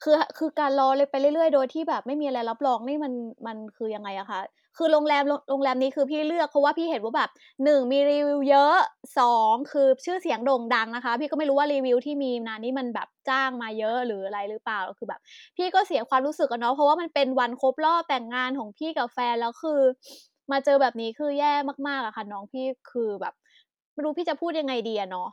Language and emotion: Thai, angry